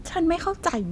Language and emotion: Thai, frustrated